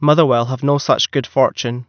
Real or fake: real